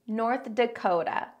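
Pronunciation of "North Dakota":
'North Dakota' has four syllables, with stress on the first and third. The t near the end is a d-like tap sound, not a voiceless t.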